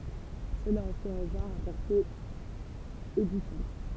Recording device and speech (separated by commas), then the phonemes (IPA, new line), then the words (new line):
temple vibration pickup, read sentence
səla ɑ̃ fɛt œ̃ ʒɑ̃ʁ a pɔʁte edifjɑ̃t
Cela en fait un genre à portée édifiante.